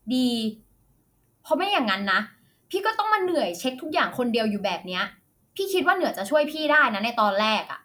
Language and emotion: Thai, angry